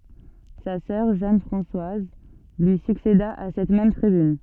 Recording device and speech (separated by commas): soft in-ear microphone, read sentence